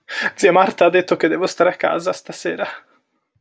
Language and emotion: Italian, sad